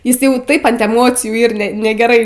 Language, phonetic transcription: Lithuanian, ˈjis ˈjau ˈtaip ant eˈmocijų ˈyr ne negeˈrai

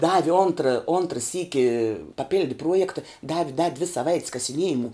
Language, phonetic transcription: Lithuanian, ˈdavi ˈontra ˈontra ˈsyki paˈpildi ˈpruojekta ˈdavi da dvi saˈvait's kasiˈniejimu

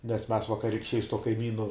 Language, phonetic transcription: Lithuanian, nes mes vakarikšˈčiai su tuo kaiˈmynu

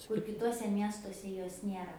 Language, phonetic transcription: Lithuanian, kur kiˈtuose ˈmiestuose ˈjos ˈniera

